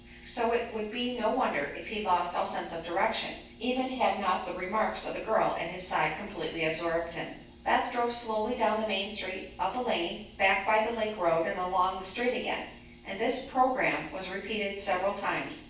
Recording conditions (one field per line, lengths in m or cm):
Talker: one person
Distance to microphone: 9.8 m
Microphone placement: far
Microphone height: 1.8 m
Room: large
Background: none